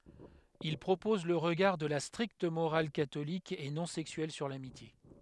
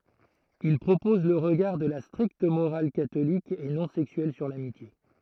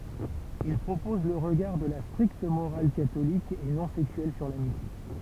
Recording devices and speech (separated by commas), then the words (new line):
headset microphone, throat microphone, temple vibration pickup, read sentence
Il propose le regard de la stricte morale catholique et non sexuelle sur l'amitié.